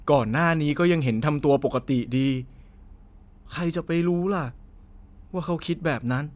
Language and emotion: Thai, frustrated